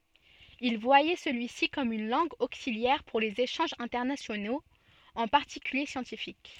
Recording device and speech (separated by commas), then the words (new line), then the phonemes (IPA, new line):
soft in-ear microphone, read sentence
Il voyait celui-ci comme une langue auxiliaire pour les échanges internationaux, en particulier scientifiques.
il vwajɛ səlyi si kɔm yn lɑ̃ɡ oksiljɛʁ puʁ lez eʃɑ̃ʒz ɛ̃tɛʁnasjonoz ɑ̃ paʁtikylje sjɑ̃tifik